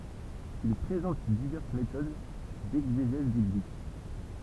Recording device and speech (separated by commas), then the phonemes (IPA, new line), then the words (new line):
temple vibration pickup, read sentence
il pʁezɑ̃t divɛʁs metod dɛɡzeʒɛz biblik
Il présente diverses méthodes d'exégèse biblique.